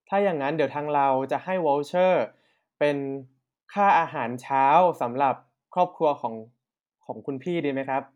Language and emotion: Thai, neutral